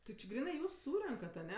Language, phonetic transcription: Lithuanian, ti či ˈgrynɜ ˈjūs ˈsūrenkat aˈne

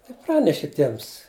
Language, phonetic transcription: Lithuanian, iˈpraneši ˈtiems

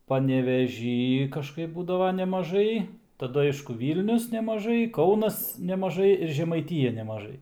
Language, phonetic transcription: Lithuanian, paneveˈžy kažˈkaip ˈbūdava nemaˈžai taˈdu ˈaišku ˈvylnius nemaˈžai ˈkaunas nemaˈžai ir žemaiˈtija nemaˈžai

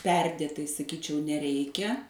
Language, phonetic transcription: Lithuanian, ˈperdėtai saˈkyčiau neˈreikia

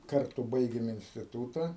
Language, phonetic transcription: Lithuanian, ˈkartu ˈbaigėm instiˈtūta

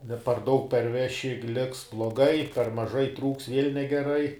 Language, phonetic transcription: Lithuanian, ne par ˈdaug perˈveši ˈliks bloˈgai per maˈžai ˈtrūks viel' negeˈrai

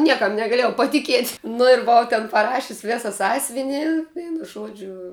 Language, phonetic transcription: Lithuanian, ˈniekam negaˈliejau patiˈkiet' nu ir buˈvau ten paˈrašius' ˈvėsa ˈsąs'vini ˈveinu ˈžuodžiu

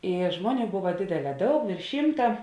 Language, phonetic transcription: Lithuanian, i ˈžmoˌnių ˈbuva ˈdėdeˌlē ˈdaug vėrš ˈšymta

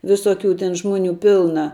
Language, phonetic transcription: Lithuanian, visoˌkių ten ˈžmoˌnių ˈpilna

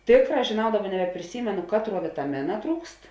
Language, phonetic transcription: Lithuanian, ˈtėkˌrā žėˈnau ˈdaˌba nebepriˈsymenu ˈkatˌruo vitaˈmina ˈtrūkst

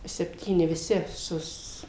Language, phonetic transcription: Lithuanian, sepˈtyni viˈsi ˈsus

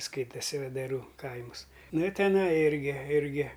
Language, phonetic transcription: Lithuanian, ˈskaitasi vedaˈrų ˈkaimus ˈnu i teˈnai ˈirgi ˈirgi

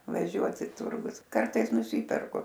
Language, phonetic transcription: Lithuanian, vaˈžiuot i ˈturgus ˈkartais nuˈsyperku

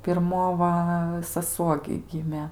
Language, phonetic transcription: Lithuanian, pirˈmo va saˈsuo gi ˈgimė

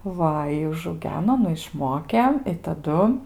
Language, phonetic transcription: Lithuanian, ˈva i užauˈgeno ˈnu išˈmokė i taˈdu

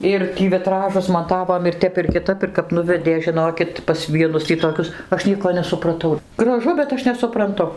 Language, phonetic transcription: Lithuanian, ˈir ˈtį viˈtražus maˈtavom ir ˈtep ir kiˈtap ir kap ˈnuvedė žinokit pas ˈvienus tį toˈkius ˈaš ˈnieko nesupraˈtau graˈžu bet ˈaš nesupranˈtu

